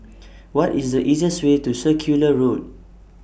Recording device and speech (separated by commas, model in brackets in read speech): boundary microphone (BM630), read sentence